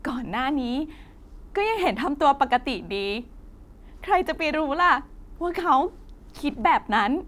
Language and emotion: Thai, happy